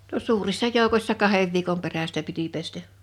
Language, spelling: Finnish, no suurissa joukoissa kahden viikon perästä piti pestä
- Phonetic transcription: no 'suurissa 'jòukośsa "kahev viikom 'perästä piti 'pestä .

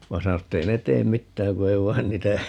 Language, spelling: Finnish, vaan sanoi että ei ne tee mitään kun ei vain niitä
- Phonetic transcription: 'va "sano et't ‿ » ei ne "teem 'mittääŋ ku ei "vain 'niitä » ,.

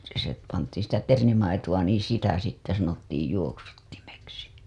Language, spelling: Finnish, se pantiin sitä ternimaitoa niin sitä sitten sanottiin juoksuttimeksi
- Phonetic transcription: se pantiiḭ sitä "ternimaitu‿a niiḭ 'sitä sitte sanottiij 'juoksuttimeksi .

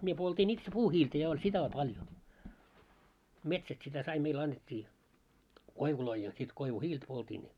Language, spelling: Finnish, minä poltin itse puuhiiltä ja oli sitä on paljon metsästä sitä sai meillä annettiin koivuja ja sitten koivuhiiltä poltin
- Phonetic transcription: mie 'poltiin 'itse "puuhiiltä ja oĺ sitä o 'paljo , 'metsäst sitä 'sai meil 'annet́t́ii , "koivuloi ja sit 'koivu"hiilt poltiin .

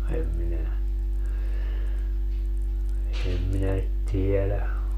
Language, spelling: Finnish, en minä en minä tiedä
- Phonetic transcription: em 'minä , 'em minä , 'tielä .

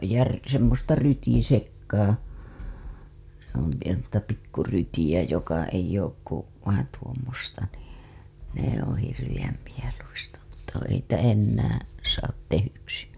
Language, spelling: Finnish, ja - semmoista rytisekaa se on oikein semmoista pikku rytiä joka ei ole kuin vain tuommoista niin ne on hirveän mieluista mutta kun ei niitä enää saa tehdyksi
- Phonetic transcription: ja ry- , semmosta 'rytisekkaa , se ‿on̬ (oikeen̬) semmosta 'pikku 'rytiʲä joka eij̆j ‿ook ku , vain tuommosta nii , ne ‿oo̰ hirviʲäm mieluista mutta ku ei niitä ennäää̰ , saat tehyksi .

